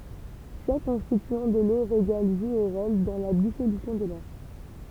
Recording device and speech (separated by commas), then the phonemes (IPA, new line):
temple vibration pickup, read sentence
ʃak kɔ̃stityɑ̃ də lo ʁeɡal ʒu œ̃ ʁol dɑ̃ la disolysjɔ̃ də lɔʁ